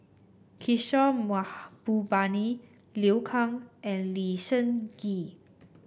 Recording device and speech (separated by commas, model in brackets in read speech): boundary microphone (BM630), read sentence